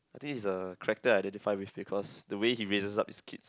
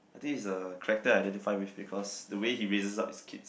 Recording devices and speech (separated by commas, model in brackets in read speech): close-talking microphone, boundary microphone, conversation in the same room